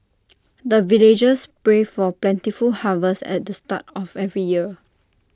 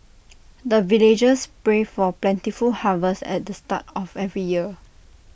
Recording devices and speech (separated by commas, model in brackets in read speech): standing microphone (AKG C214), boundary microphone (BM630), read sentence